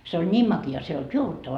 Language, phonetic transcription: Finnish, se oĺ "ńiim maki₍a se ei olt 'juovuttavaa .
- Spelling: se oli niin makea se ei ollut juovuttavaa

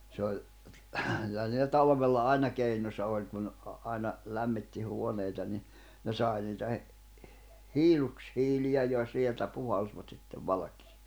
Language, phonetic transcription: Finnish, se oĺ , ᵏʸˡˡᵃ̈ niillä 'talvella "aina keinosa òĺ kun , ’a- 'ài̬na , 'lämmitti huoneita ni , ne 'sài niitä he- , "hiiluks- -'hiliʲä ja 'sieltä puhalsvat sittev 'valᵃkɪɪ
- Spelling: se oli kyllä niillä talvella aina keinonsa oli kun - aina lämmitti huoneita niin ne sai niitä - - hiilushiiliä ja sieltä puhalsivat sitten valkeaan

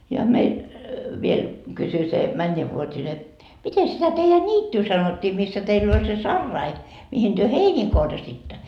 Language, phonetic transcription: Finnish, ja 'meil , viel , 'kysy se "mäńńevvuot́ine , » 'mite sitä teijä "ńiittyy 'sanottii missä 'teill ‿oĺ se "sarrai , mihin työ "heinii korjasitta ? »
- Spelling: ja meillä vielä kysyi se mennävuotinen miten sitä teidän niittyä sanottiin missä teillä oli se sarai mihin te heiniä korjasitte

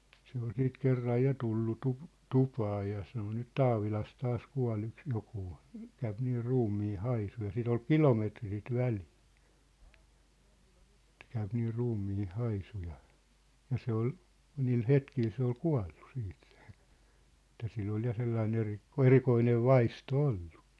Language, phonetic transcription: Finnish, 'se ‿ol 'siit 'kerraj 'ja tullu 'tup- , 'tupaa ja sano » nyt "Taavilas 'taas 'kua̭'l ‿yks 'jokuu , 'käyp nii "ruummii "haisu « ja 'sit ‿ol "kilometri sit 'välɪɪ , ᵉt » käyp nii 'ruummii 'haisu « ja , ja 'se ‿ol , niil "hetkil se ‿ol 'kua̭llu 'siit sᴇ , et̆tä 'sill ‿ol ja 'sellai'n ‿eri- , "erikoinev̆ "vaisto "ollᴜ .
- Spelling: se oli sitten kerran ja tullut - tupaan ja sanoi nyt Taavilassa taas kuolee yksi joku käy niin ruumiin haisu ja sitä oli kilometri sitä väliä että käy niin ruumiin haisu ja ja se oli niillä hetkillä se oli kuollut sitten se että sillä oli ja sellainen - erikoinen vaisto ollut

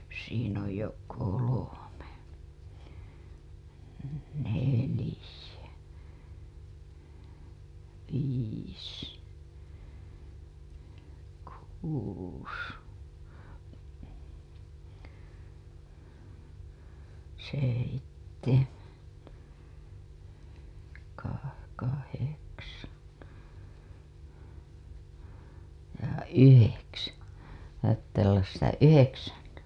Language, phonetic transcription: Finnish, siin ‿oj jo 'kolome , 'nelĭjä , 'viis , 'kuus , 'seittemäN , kah- , 'kaheksaN , ja "yheksäN , (siinä) pittää ollas sitä "yheksäN .
- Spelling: siinä on jo kolme neljä viis kuusi seitsemän - kahdeksan ja yhdeksän siinä pitää olla sitä yhdeksän

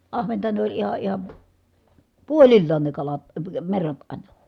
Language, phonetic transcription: Finnish, ahventa ne ‿oĺ iha ihan̬ , puolillaan ne kalat , əə merrat àina .
- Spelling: ahventa ne oli ihan ihan puolillaan ne kalat - merrat aina

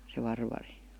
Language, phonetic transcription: Finnish, se 'Varvari .
- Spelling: se Varvari

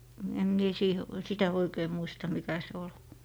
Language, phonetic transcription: Finnish, em mie siihe- , 'sitä oikei muista 'mikä se ol .
- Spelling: en minä - sitä oikein muista mikä se oli

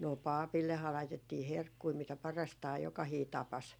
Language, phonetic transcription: Finnish, 'no "pàpillehaa 'laitettii "herkkui mitä 'parastaa jokahii 'tapas .
- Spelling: no papillehan laitettiin herkkuja mitä parastaan jokainen tapasi

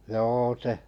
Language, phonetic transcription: Finnish, 'joo se ,.
- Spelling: joo se

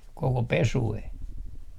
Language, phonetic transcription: Finnish, 'koko 'pesu₍e .
- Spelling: koko pesue

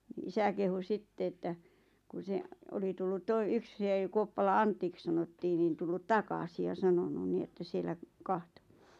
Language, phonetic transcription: Finnish, ⁿⁱ 'isä kehu 'sitte että , ku 'se , 'oli tullut 'toi- 'yk se 'Kuoppala "Anttik sanottii nin 'tullut "takasi ja 'sanonu ni että 'siellä , "kahtᴏ .
- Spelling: no isä kehui sitten että kun se oli tullut - yksi se Kuoppalan Antiksi sanottiin niin tullut takaisin ja sanonut niin että siellä katsoi

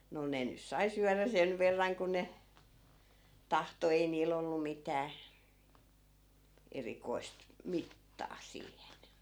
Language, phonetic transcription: Finnish, no 'ne nys̆ 'sai syärä 'sen verraŋ ku ne , "tahto ei 'niil ‿ollu 'mitää , 'erikoi̮st , "mittaa 'siihen .
- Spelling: no ne nyt sai syödä sen verran kuin ne tahtoi ei niillä ollut mitään erikoista mittaa siihen

